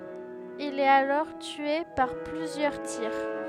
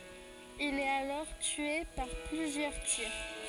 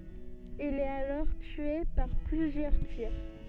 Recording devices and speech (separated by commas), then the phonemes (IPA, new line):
headset microphone, forehead accelerometer, soft in-ear microphone, read sentence
il ɛt alɔʁ tye paʁ plyzjœʁ tiʁ